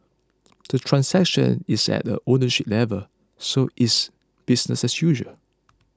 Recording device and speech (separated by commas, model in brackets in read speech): close-talking microphone (WH20), read sentence